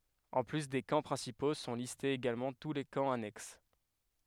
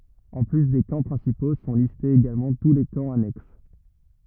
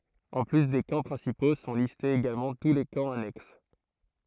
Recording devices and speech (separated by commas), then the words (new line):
headset microphone, rigid in-ear microphone, throat microphone, read sentence
En plus des camps principaux, sont listés également tous les camps annexes.